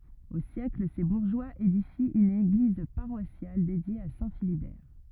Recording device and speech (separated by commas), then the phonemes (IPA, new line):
rigid in-ear microphone, read sentence
o sjɛkl se buʁʒwaz edifi yn eɡliz paʁwasjal dedje a sɛ̃ filibɛʁ